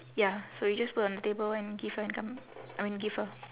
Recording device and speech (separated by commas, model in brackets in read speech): telephone, conversation in separate rooms